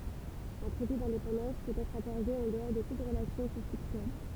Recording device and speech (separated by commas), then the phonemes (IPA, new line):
temple vibration pickup, read sentence
œ̃ tʁɛte dɛ̃depɑ̃dɑ̃s pøt ɛtʁ akɔʁde ɑ̃ dəɔʁ də tut ʁəlasjɔ̃ kɔ̃fliktyɛl